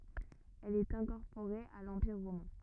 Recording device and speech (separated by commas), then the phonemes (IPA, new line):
rigid in-ear microphone, read sentence
ɛl ɛt ɛ̃kɔʁpoʁe a lɑ̃piʁ ʁomɛ̃